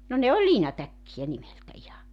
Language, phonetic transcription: Finnish, no ne oĺ 'liinatäkkijä 'nimeltä iha .
- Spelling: no ne oli liinatäkkejä nimeltä ihan

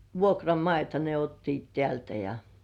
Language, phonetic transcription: Finnish, vuokramaita ne 'ottiit tĕä̀§ltä ja ,.
- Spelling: vuokramaita ne ottivat täältä ja

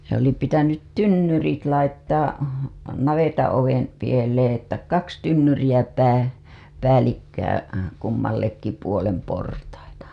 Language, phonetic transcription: Finnish, se ‿oli pitänyt "tynnyrit 'laittaa , 'navetaa̰‿ovem , pielee ‿ttä 'kaks tynnyriʲä pää- , päälikkää , kummallekki puolem portaita .
- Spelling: se oli pitänyt tynnyrit laittaa navetanoven pieleen että kaksi tynnyriä - päällekkäin kummallekin puolen portaita

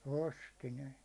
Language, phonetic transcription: Finnish, 'osti ne .
- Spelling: osti ne

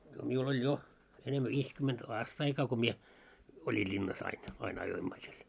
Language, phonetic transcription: Finnish, no 'miul ‿oĺ 'jo , enemmä 'viiskyment "aastaikaa ko mie , 'oĺi ĺinnas ain , ain 'ajoimma siel .
- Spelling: no minulla oli jo enemmän viisikymmentä aastaikaa kun minä oli linnassa aina aina ajoimme siellä

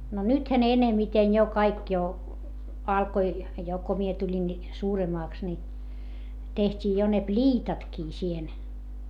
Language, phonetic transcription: Finnish, no nythä ne enemiten jo kaik jo , alkoi , jo ko mie tuĺin ni , suuremaaks ni , teht́ii jo ne pĺiitatkii siihen .
- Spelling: no nythän ne enemmiten jo kaikki jo alkoi jo kun minä tulin niin suuremmaksi niin tehtiin jo ne pliitatkin siihen

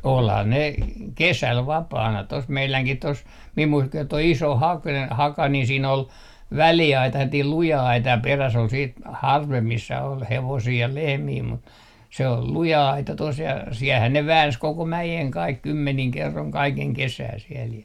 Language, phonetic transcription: Finnish, 'olha ne , "kesäl 'vapaana tos 'meiläŋkih 'tos , mim mui- , toi iso hak - haka ni 'siin ‿ol , väli₍aita (sellatiil) 'luja 'aita ja 'peräs ol siit , "harvemp 'missä ol "hevosii ja "lehmii mut , se ol "luja 'aita tos ja siɛlhän ne "vääns 'koko "mäjeŋ 'kaik 'kymmeniŋ 'kerroŋ 'kaikeŋ 'kesää siɛl jä .
- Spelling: olihan ne kesällä vapaana tuossa meidänkin tuossa minun - tuo iso - haka niin siinä oli väliaita sellainen luja aita ja perässä oli sitten harvempi missä oli hevosia ja lehmiä mutta se oli luja aita tuossa ja siellähän ne väänsi koko mäen kaikki kymmenin kerroin kaiken kesää siellä ja

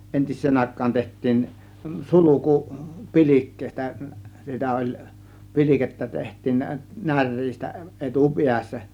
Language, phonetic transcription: Finnish, 'entis̆seen àėk̆kaan 'teht̆tiin , 'suluku "pi̬l͕ikkèistä , 'sitä oĺ , "pi̬l͕ikettä teht̆tiin nä- , 'näŕ̆riistä 'ˀetu 'piässä .
- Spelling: entiseen aikaan tehtiin sulku pilkkeistä sitä oli pilkettä tehtiin - näreistä - etupäässä

